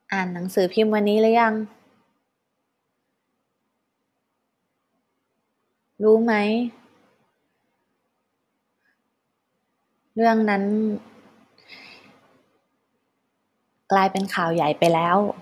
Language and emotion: Thai, sad